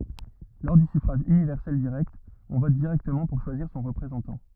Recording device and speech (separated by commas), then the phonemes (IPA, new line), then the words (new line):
rigid in-ear microphone, read sentence
lɔʁ dy syfʁaʒ ynivɛʁsɛl diʁɛkt ɔ̃ vɔt diʁɛktəmɑ̃ puʁ ʃwaziʁ sɔ̃ ʁəpʁezɑ̃tɑ̃
Lors du suffrage universel direct, on vote directement pour choisir son représentant.